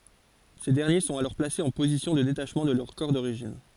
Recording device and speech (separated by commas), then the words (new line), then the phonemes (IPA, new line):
forehead accelerometer, read sentence
Ces derniers sont alors placés en position de détachement de leur corps d'origine.
se dɛʁnje sɔ̃t alɔʁ plasez ɑ̃ pozisjɔ̃ də detaʃmɑ̃ də lœʁ kɔʁ doʁiʒin